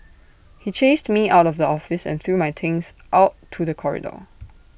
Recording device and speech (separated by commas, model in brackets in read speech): boundary microphone (BM630), read sentence